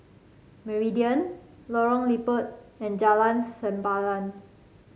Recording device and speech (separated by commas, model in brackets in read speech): mobile phone (Samsung C5), read sentence